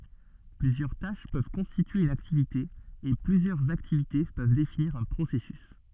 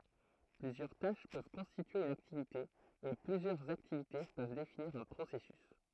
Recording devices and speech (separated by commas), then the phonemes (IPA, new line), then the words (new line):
soft in-ear microphone, throat microphone, read sentence
plyzjœʁ taʃ pøv kɔ̃stitye yn aktivite e plyzjœʁz aktivite pøv definiʁ œ̃ pʁosɛsys
Plusieurs tâches peuvent constituer une activité et plusieurs activités peuvent définir un processus.